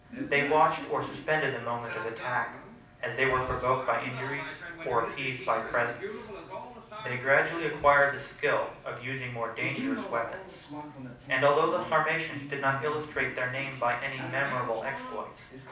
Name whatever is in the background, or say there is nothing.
A television.